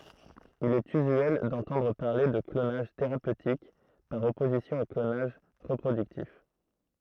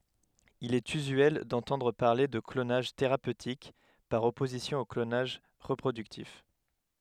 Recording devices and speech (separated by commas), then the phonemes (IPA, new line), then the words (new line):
throat microphone, headset microphone, read sentence
il ɛt yzyɛl dɑ̃tɑ̃dʁ paʁle də klonaʒ teʁapøtik paʁ ɔpozisjɔ̃ o klonaʒ ʁəpʁodyktif
Il est usuel d'entendre parler de clonage thérapeutique, par opposition au clonage reproductif.